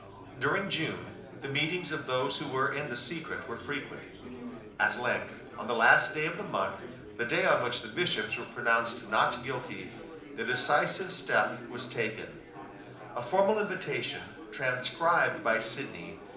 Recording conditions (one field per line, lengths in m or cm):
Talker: one person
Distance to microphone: 2.0 m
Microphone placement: close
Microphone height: 99 cm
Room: medium-sized (5.7 m by 4.0 m)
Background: babble